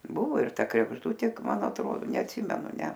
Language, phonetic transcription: Lithuanian, ˈbuvo ir ˈta kregžˈdutė ˈman atˈro neatˈsymenu ˈne

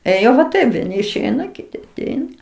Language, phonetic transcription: Lithuanian, ėˈjo va ˈtaip vieˈni išˈeina kiˈti aˈteina

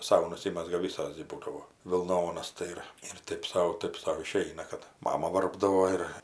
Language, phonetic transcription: Lithuanian, ˈsau nuˈsimezga ˈvisos gi ˈbūdavo vilˈnonas tai ˈir ir ˈtɜp sau ˈtɜp sau iˈšeina kad ˈmama ˈvarpdavo ˈir

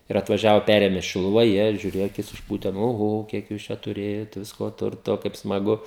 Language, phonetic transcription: Lithuanian, ir atvaˈžiavo ˈpærėmė šiluˈva ˈjie žiuˈrėja aˈkis išˈpūte nu oˈho ˈkiek jūs ˈčia tuˈrėjot ˈvisko ˈturto kaip smaˈgu

